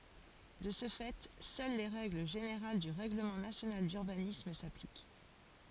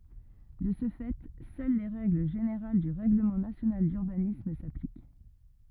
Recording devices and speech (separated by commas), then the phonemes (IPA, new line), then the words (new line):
forehead accelerometer, rigid in-ear microphone, read sentence
də sə fɛ sœl le ʁɛɡl ʒeneʁal dy ʁɛɡləmɑ̃ nasjonal dyʁbanism saplik
De ce fait seules les règles générales du règlement national d'urbanisme s'appliquent.